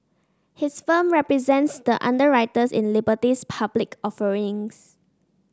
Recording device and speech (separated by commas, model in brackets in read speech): standing microphone (AKG C214), read sentence